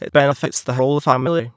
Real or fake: fake